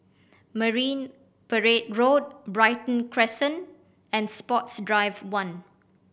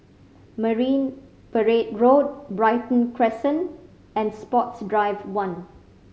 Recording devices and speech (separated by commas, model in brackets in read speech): boundary microphone (BM630), mobile phone (Samsung C5010), read sentence